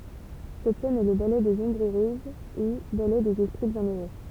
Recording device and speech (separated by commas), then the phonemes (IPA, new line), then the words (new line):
temple vibration pickup, read sentence
sɛt sɛn ɛ lə balɛ dez ɔ̃bʁz øʁøz u balɛ dez ɛspʁi bjɛ̃øʁø
Cette scène est le ballet des Ombres heureuses ou ballet des esprits bienheureux.